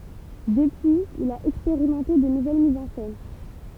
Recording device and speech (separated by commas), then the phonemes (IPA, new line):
temple vibration pickup, read sentence
dəpyiz il a ɛkspeʁimɑ̃te də nuvɛl mizz ɑ̃ sɛn